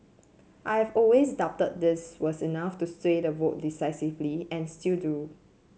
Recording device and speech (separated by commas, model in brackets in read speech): mobile phone (Samsung C7), read sentence